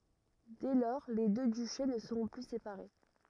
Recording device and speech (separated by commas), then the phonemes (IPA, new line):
rigid in-ear microphone, read sentence
dɛ lɔʁ le dø dyʃe nə səʁɔ̃ ply sepaʁe